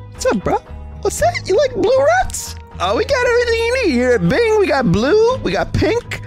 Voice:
In high voice